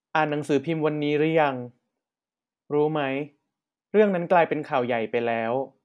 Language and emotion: Thai, neutral